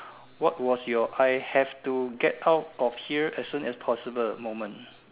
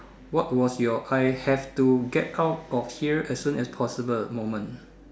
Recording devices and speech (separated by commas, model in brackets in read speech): telephone, standing microphone, conversation in separate rooms